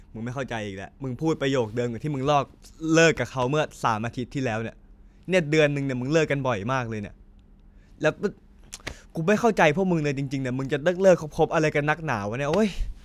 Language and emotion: Thai, frustrated